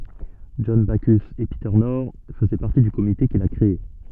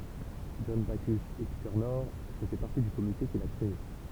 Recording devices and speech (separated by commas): soft in-ear microphone, temple vibration pickup, read sentence